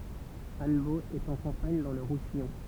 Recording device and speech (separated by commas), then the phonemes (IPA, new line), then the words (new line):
temple vibration pickup, read sentence
anbo ɛt ɑ̃ kɑ̃paɲ dɑ̃ lə ʁusijɔ̃
Annebault est en campagne dans le Roussillon.